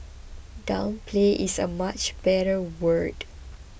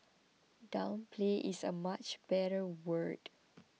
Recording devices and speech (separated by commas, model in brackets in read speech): boundary microphone (BM630), mobile phone (iPhone 6), read sentence